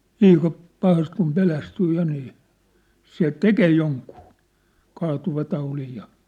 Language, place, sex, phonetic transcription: Finnish, Sippola, male, liika , 'pahast kum 'pelästyy 'ja nii , 'se "tekee 'joŋkuu , 'kaatuvataulij ja .
- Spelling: liika pahasti kun pelästyy ja niin se tekee jonkun kaatuvataudin ja

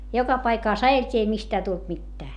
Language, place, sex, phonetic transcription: Finnish, Hietamäki, female, joka paikàs ajelt́ii ei mistää tult mittää .
- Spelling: joka paikassa ajeltiin ei mistään tullut mitään

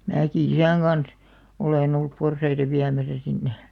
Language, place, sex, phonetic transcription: Finnish, Alastaro, female, 'määki "isä̀ŋ ɢans , 'olèn ‿ollup 'porsaita 'viämäsä sinne .
- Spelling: minäkin isän kanssa olen ollut porsaita viemässä sinne

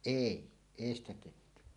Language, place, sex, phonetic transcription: Finnish, Suomussalmi, male, èi , 'èi ‿stä 'tehty .
- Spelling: ei ei sitä tehty

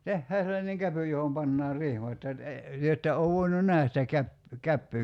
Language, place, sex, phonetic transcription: Finnish, Kerimäki, male, 'tehhää sellaneŋ "käpy johom 'pannaar "rihmat ja , e- , 'työ että ov 'voinun "nähäs sitä käp- , 'käppyy ,.
- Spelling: tehdään sellainen käpy johon pannaan rihmat ja - te ette ole voinut nähdä sitä - käpyä

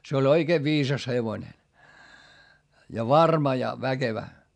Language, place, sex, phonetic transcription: Finnish, Hietamäki, male, se oĺ oikee viisas hevońe , ja varma ja väkevä .
- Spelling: se oli oikein viisas hevonen ja varma ja väkevä

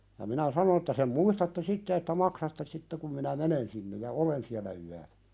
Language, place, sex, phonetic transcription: Finnish, Pälkäne, male, ja minä "sanon ‿että » sem 'muistatte "sitte että 'maksatte sitte kum minä "menen sinnej ja "olen siälä yä(n) « .
- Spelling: ja minä sanon että sen muistatte sitten että maksatte sitten kun minä menen sinne ja olen siellä yön

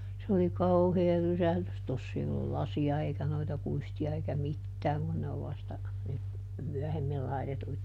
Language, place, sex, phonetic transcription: Finnish, Juupajoki, female, se oli "kauhee ˈrysählys - ˈtoss ‿ei ollul ˈlasi₍a eikä noita ˈkuisti₍a eikä "mittääŋ kun ne ov vasta , nyt , ˈmyɔ̈̀hemmil laitetuit(a) .
- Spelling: se oli kauhea rysähdys tuossa ei ollut lasia eikä noita kuistia eikä mitään kun ne on vasta nyt myöhemmin laitettuja

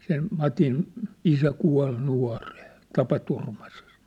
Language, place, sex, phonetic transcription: Finnish, Sippola, male, sen , 'Matin , 'isä 'kual 'nua̭ren̬ , 'tapaturmases̳ .
- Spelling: sen Matin isä kuoli nuorena tapaturmaisesti

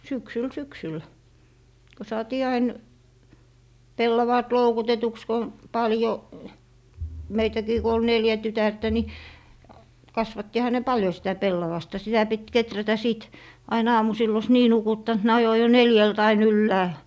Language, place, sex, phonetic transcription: Finnish, Lappee, female, 'syksyl 'syksyl , ko 'saatii ain , "pellavaat 'loukutetuks ko , 'paljo , 'meitäkii ko ol "neljä 'tytärtä ni , 'kasvattiha ne "paljo sitä 'pellavasta sitä pit 'keträtä 'sìt , ain 'aamusill ‿os "nii 'nukuttant ne 'ajo jo "neljält ‿ain 'yllääl .
- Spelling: syksyllä syksyllä kun saatiin aina pellavaat loukutetuksi kun paljon meitäkin kun oli neljä tytärtä niin kasvattihan ne paljon sitä pellavasta sitä piti kehrätä sitten aina aamusilla olisi niin nukuttanut ne ajoi jo neljältä aina ylhäälle

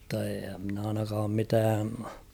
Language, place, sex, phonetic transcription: Finnish, Kauhava, male, mⁿtta ee ‿mn ‿ainakaam 'mitään̬ ...
- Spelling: mutta en minä ainakaan mitään

